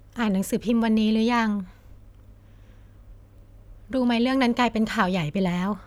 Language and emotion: Thai, neutral